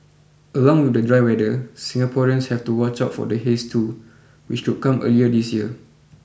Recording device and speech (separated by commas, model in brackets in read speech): boundary microphone (BM630), read sentence